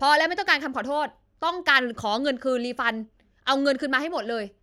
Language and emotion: Thai, angry